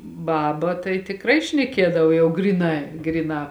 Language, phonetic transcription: Lithuanian, ˈbaba tai tikˈrai šneˈkiedav ˈjau ˈgryˌnai ˈgryˌnā

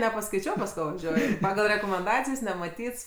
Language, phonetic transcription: Lithuanian, nepaˈskaičiau pas ˈko vaˈžiuoju ˈpagal rekomenˈdacijs nemaˈtyts

